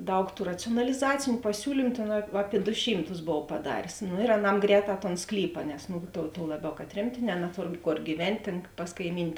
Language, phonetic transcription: Lithuanian, ˈdaug ˈtų racijonaliˈzaciniu paˈsiūlymu tėn apie do ˈšymˌtus ˈbov paˈdarės no ir aˈnam ˈgrēˌtā ton ˈsklypa nes nu tuo tuo ˈlaˌbiau kad ˈtremtėˌnē naˈtor ˈkor gyˈvent' tėn pas kaiˈmyn'

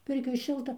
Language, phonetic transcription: Lithuanian, ˈpirkioj ˈšilta

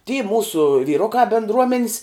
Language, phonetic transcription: Lithuanian, ty ˈmūsu vyˈrukā bindˈruomen's

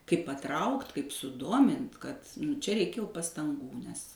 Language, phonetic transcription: Lithuanian, kaip paˈtraukt' kaip suˈdomin't' kad ˈčia ˈreikia jau pastanˈgų nes

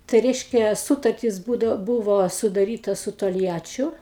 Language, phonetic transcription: Lithuanian, tai ˈreiškia ˈsūtartis ˈbūdav ˈbūvo sudaˈryta su tolˈjačiu

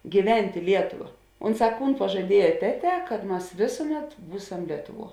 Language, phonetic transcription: Lithuanian, gyˈvent' i ˈlietuva ˈunˌsā ˈkūn pažaˈdieja ˈteˌtē kad ˈmas ˈvėsuˌmet ˈbūsam ˈlietuˌvuo

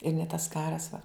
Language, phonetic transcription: Lithuanian, ir ne tas ˈkaras va

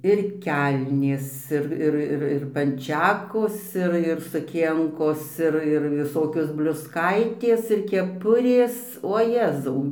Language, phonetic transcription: Lithuanian, ir ˈkelnės ˈir ˈir ˈir ˈir panˈčekos ˈir ir suˈkienkos ˈir ir viˈsokios bliusˈkaitės ir keˈpurės o ˈjezau

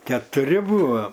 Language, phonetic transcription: Lithuanian, ketuˈri ˈbuvo

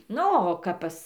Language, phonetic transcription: Lithuanian, ˈnu o ˈkap pas

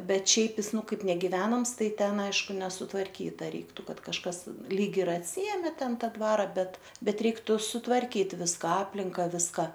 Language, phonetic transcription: Lithuanian, ˈbet ˈšiaip ˈjis ˈnu ˈkaip negiˈvenams ˈtai ˈten ˈaišku nesutvarˈkyta ˈreiktu ˈkad kažˈkas lyg ir atˈsiėmė ˈten ˈtą ˈdvara ˈbet ˈbet ˈreiktu sutvarˈkyt ˈviska ˈaplinka ˈviska

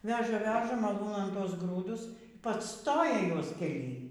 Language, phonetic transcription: Lithuanian, ˈveža ˈveža maˈlūnan ˈtuos ˈgrūdus ˈpacˈstoja ˈjuos keˈly

